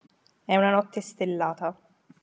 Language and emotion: Italian, neutral